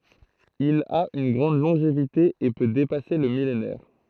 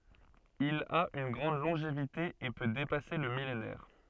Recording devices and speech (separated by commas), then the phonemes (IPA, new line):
throat microphone, soft in-ear microphone, read sentence
il a yn ɡʁɑ̃d lɔ̃ʒevite e pø depase lə milenɛʁ